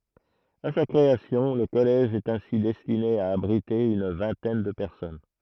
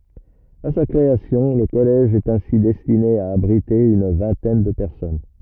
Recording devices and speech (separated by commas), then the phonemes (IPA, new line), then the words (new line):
throat microphone, rigid in-ear microphone, read sentence
a sa kʁeasjɔ̃ lə kɔlɛʒ ɛt ɛ̃si dɛstine a abʁite yn vɛ̃tɛn də pɛʁsɔn
À sa création, le collège est ainsi destiné à abriter une vingtaine de personnes.